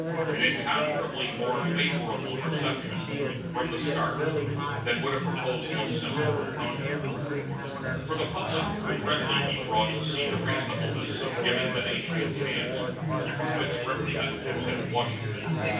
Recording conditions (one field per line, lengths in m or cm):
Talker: one person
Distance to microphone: 9.8 m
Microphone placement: far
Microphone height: 1.8 m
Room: large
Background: babble